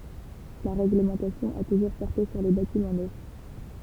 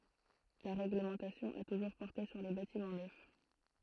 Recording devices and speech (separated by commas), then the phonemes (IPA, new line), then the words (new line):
temple vibration pickup, throat microphone, read sentence
la ʁɛɡləmɑ̃tasjɔ̃ a tuʒuʁ pɔʁte syʁ le batimɑ̃ nœf
La règlementation a toujours porté sur les bâtiments neufs.